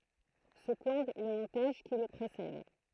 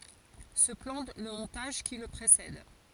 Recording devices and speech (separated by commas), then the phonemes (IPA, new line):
throat microphone, forehead accelerometer, read sentence
sə plɑ̃ lə mɔ̃taʒ ki lə pʁesɛd